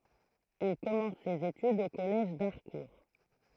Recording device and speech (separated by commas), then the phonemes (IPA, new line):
throat microphone, read sentence
il kɔmɑ̃s sez etydz o kɔlɛʒ daʁkuʁ